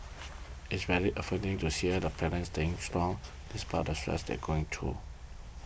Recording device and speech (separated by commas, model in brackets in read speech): boundary microphone (BM630), read sentence